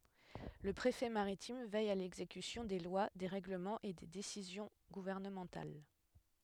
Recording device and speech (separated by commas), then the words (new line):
headset microphone, read sentence
Le préfet maritime veille à l'exécution des lois, des règlements et des décisions gouvernementales.